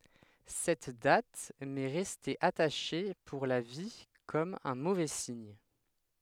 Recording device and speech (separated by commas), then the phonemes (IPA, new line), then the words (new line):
headset microphone, read sentence
sɛt dat mɛ ʁɛste ataʃe puʁ la vi kɔm œ̃ movɛ siɲ
Cette date m'est restée attachée pour la vie comme un mauvais signe.